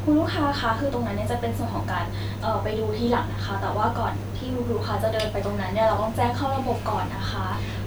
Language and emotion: Thai, neutral